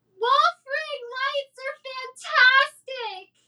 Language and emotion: English, sad